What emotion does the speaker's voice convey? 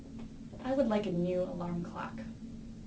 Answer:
neutral